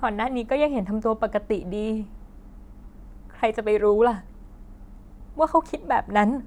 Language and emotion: Thai, sad